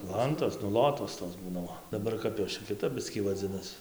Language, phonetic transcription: Lithuanian, ˈlantos nu ˈlotos tos ˈbūna ˈo daˈbar ˈkap jos čia kiˈtap ˈbiskį vaˈdzinas

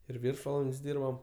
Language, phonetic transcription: Lithuanian, ir ˈviršvaland's' ˈdyrbam

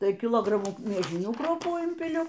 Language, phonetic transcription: Lithuanian, ˈtai kiˈlogramų mieˈžinių ˈkruopų ˈimpiliu

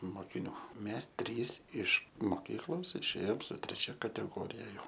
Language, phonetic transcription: Lithuanian, mokiˈnių ˈmes ˈtrys iš moˈkyklos išˈėjom su treˈčia kateˈgorija ˈjau

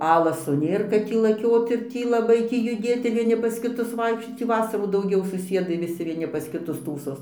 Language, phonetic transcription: Lithuanian, ˈalaso ˈnėr kad ˈtį laˈkiot ir ˈtį laˈbai ˈtį juˈdėt ir vieˈni pas kiˈtus ˈvaikščiot ˈtį ˈvasarų dauˈgiau suˈsiedai viˈsi vieˈni pas kiˈtus ˈtųsos

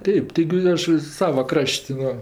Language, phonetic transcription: Lithuanian, ˈteip tiˈgi ˈaš ˈsava ˈkraš't' ˈva

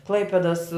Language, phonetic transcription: Lithuanian, ˈklaipėdas

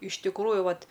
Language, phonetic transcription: Lithuanian, iš tikˈrųju ˈvat

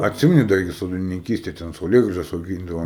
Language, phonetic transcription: Lithuanian, atˈsimeni ˈda igi sodininˈkystė ten sauˈlėgražas auˈgyndava

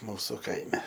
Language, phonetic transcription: Lithuanian, ˈmūsu ˈkaime

